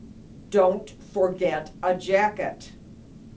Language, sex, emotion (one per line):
English
female
angry